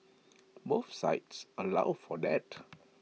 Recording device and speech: mobile phone (iPhone 6), read sentence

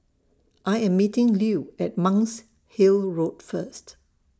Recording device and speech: standing microphone (AKG C214), read sentence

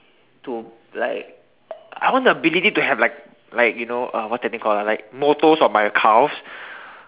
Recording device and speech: telephone, conversation in separate rooms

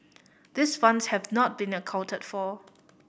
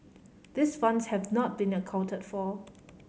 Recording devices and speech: boundary microphone (BM630), mobile phone (Samsung C5010), read sentence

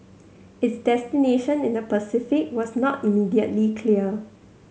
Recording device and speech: mobile phone (Samsung C7100), read sentence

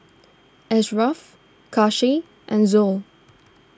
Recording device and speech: standing microphone (AKG C214), read sentence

